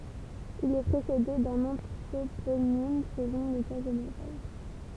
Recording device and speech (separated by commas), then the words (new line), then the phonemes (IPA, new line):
temple vibration pickup, read sentence
Il est précédé d’un anthroponyme selon le cas général.
il ɛ pʁesede dœ̃n ɑ̃tʁoponim səlɔ̃ lə ka ʒeneʁal